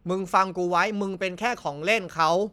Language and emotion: Thai, frustrated